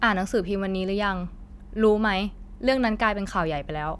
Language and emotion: Thai, neutral